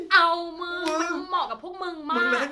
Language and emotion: Thai, happy